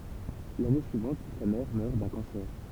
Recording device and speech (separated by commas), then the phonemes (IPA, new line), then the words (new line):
temple vibration pickup, read sentence
lane syivɑ̃t sa mɛʁ mœʁ dœ̃ kɑ̃sɛʁ
L’année suivante, sa mère meurt d’un cancer.